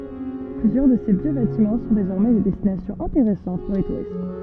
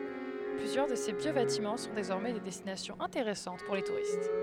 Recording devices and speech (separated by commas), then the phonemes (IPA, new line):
soft in-ear microphone, headset microphone, read sentence
plyzjœʁ də se vjø batimɑ̃ sɔ̃ dezɔʁmɛ de dɛstinasjɔ̃z ɛ̃teʁɛsɑ̃t puʁ le tuʁist